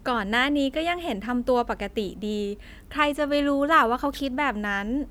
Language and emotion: Thai, happy